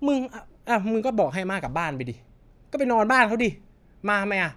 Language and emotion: Thai, angry